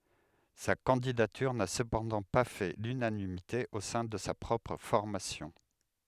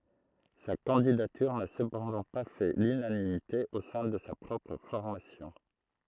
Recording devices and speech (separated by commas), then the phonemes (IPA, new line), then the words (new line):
headset microphone, throat microphone, read sentence
sa kɑ̃didatyʁ na səpɑ̃dɑ̃ pa fɛ lynanimite o sɛ̃ də sa pʁɔpʁ fɔʁmasjɔ̃
Sa candidature n'a cependant pas fait l'unanimité au sein de sa propre formation.